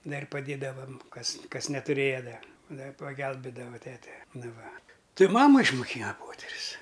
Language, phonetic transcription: Lithuanian, ˈdar' paˈdėdavam ˈkas ˈkas netuˈrėja ˈda ˈda pagelbėdavo ˈtete ˈnu ˈva ˈti ˈmama išmuˈkyna ˈpoterius

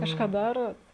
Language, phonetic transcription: Lithuanian, ˈkažką ˈdarot

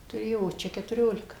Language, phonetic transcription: Lithuanian, tuˈrėjo o ˈčia ketuˈriolika

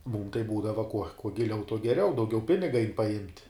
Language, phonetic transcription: Lithuanian, mūm tai ˈbūdava kuo kuo giˈliau tuo geˈriau dauˈgiau ˈpiniga ain paˈjimt'

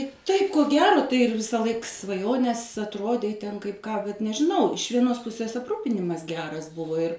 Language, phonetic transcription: Lithuanian, ˈtaip ko ˈgero tai ir visaˈlaik svaˈjonės atˈrodei ten kaip ˈką bet nežiˈnau iš vieˈnos ˈpusės apˈrūpinimas ˈgeras ˈbuvo ir

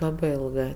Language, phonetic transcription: Lithuanian, ˈlabɜ ˈilgɜ

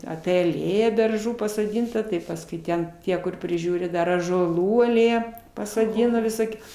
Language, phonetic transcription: Lithuanian, apie aˈlėja berˈžų pasoˈdynta tai pasˈkui ˈten ˈtie kur priˈžiūri ˈdar ąžuoˈlų aˈlėja pasoˈdina viˈˈsokių

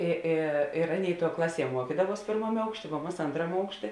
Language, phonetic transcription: Lithuanian, i ˈi ir ˈaˌnėi tuo ˈklaˌsie ˈmuokydavuos ˈpėrmamė ˈaukšˌtė vo ˈmas ˈantramė ˈaukšˌtė

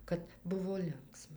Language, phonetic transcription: Lithuanian, kad ˈbuvo ˈlinksma

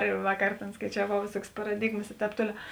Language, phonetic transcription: Lithuanian, ir ˈvakar ˈtėn skaičiaˈvau vėˈsuokės paraˈdigmas i ˈtēp ˈtoliau

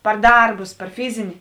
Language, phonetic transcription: Lithuanian, par ˈdarbus par ˈfizini

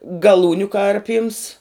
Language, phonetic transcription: Lithuanian, gaˈlūniu ˈkarpyms

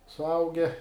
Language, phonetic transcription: Lithuanian, suˈauge

